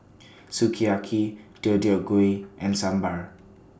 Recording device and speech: standing microphone (AKG C214), read sentence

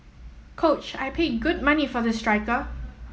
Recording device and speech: mobile phone (iPhone 7), read sentence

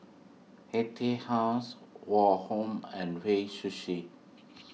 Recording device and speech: mobile phone (iPhone 6), read sentence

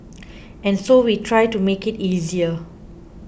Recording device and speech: boundary microphone (BM630), read sentence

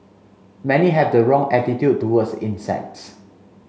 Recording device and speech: mobile phone (Samsung C5), read sentence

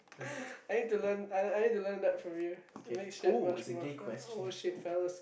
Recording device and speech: boundary microphone, conversation in the same room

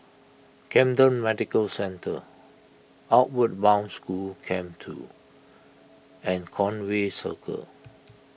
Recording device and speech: boundary microphone (BM630), read sentence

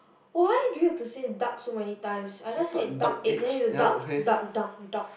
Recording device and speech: boundary microphone, conversation in the same room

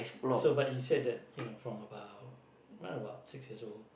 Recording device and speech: boundary microphone, conversation in the same room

